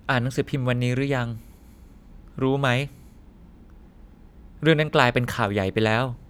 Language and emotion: Thai, frustrated